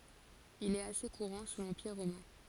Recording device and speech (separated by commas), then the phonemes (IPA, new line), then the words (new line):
forehead accelerometer, read sentence
il ɛt ase kuʁɑ̃ su lɑ̃piʁ ʁomɛ̃
Il est assez courant sous l'Empire romain.